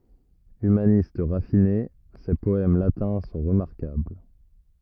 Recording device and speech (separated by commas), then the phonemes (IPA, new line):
rigid in-ear microphone, read sentence
ymanist ʁafine se pɔɛm latɛ̃ sɔ̃ ʁəmaʁkabl